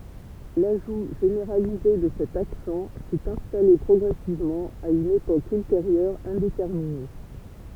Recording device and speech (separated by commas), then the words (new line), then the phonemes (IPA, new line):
temple vibration pickup, read sentence
L'ajout généralisé de cet accent s'est installé progressivement, à une époque ultérieure indéterminée.
laʒu ʒeneʁalize də sɛt aksɑ̃ sɛt ɛ̃stale pʁɔɡʁɛsivmɑ̃ a yn epok ylteʁjœʁ ɛ̃detɛʁmine